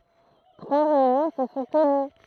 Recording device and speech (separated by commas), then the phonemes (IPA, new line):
throat microphone, read sentence
tʁwa ʁeynjɔ̃ sə sɔ̃ təny